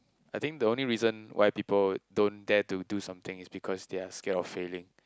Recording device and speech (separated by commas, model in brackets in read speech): close-talking microphone, conversation in the same room